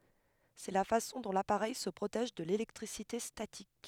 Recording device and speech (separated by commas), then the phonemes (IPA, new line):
headset microphone, read sentence
sɛ la fasɔ̃ dɔ̃ lapaʁɛj sə pʁotɛʒ də lelɛktʁisite statik